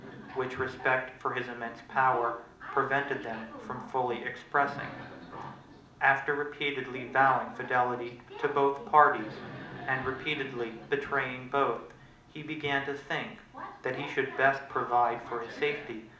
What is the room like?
A medium-sized room.